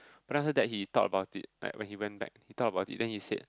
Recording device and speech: close-talking microphone, conversation in the same room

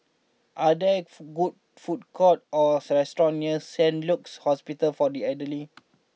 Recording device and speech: mobile phone (iPhone 6), read sentence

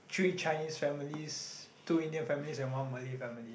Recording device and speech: boundary microphone, conversation in the same room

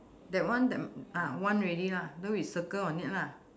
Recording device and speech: standing microphone, conversation in separate rooms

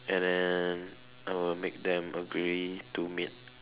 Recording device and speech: telephone, conversation in separate rooms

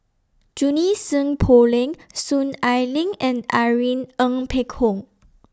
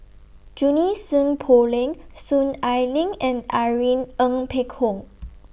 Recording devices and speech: standing microphone (AKG C214), boundary microphone (BM630), read sentence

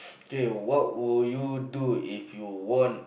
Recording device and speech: boundary microphone, conversation in the same room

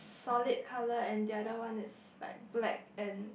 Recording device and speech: boundary microphone, conversation in the same room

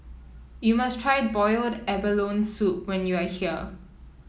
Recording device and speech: mobile phone (iPhone 7), read sentence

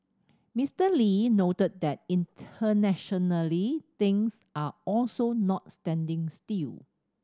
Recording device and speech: standing microphone (AKG C214), read sentence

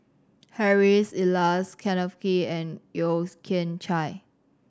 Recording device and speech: standing microphone (AKG C214), read sentence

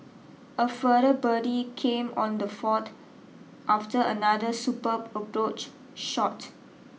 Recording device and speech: mobile phone (iPhone 6), read sentence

